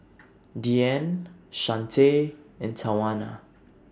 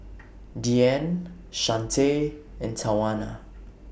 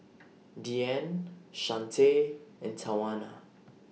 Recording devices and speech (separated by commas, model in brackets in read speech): standing microphone (AKG C214), boundary microphone (BM630), mobile phone (iPhone 6), read sentence